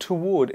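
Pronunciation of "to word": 'Toward' is pronounced incorrectly here.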